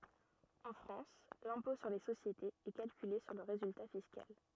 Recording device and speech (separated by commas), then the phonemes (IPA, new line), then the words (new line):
rigid in-ear microphone, read sentence
ɑ̃ fʁɑ̃s lɛ̃pɔ̃ syʁ le sosjetez ɛ kalkyle syʁ lə ʁezylta fiskal
En France, l'impôt sur les sociétés est calculé sur le résultat fiscal.